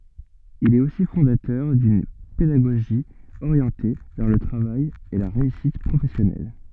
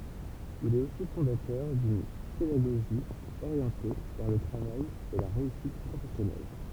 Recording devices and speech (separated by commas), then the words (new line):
soft in-ear microphone, temple vibration pickup, read sentence
Il est aussi fondateur d’une pédagogie orientée vers le travail et la réussite professionnelle.